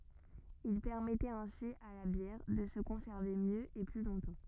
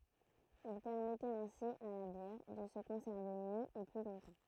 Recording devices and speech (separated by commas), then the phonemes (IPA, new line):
rigid in-ear microphone, throat microphone, read sentence
il pɛʁmɛtɛt ɛ̃si a la bjɛʁ də sə kɔ̃sɛʁve mjø e ply lɔ̃tɑ̃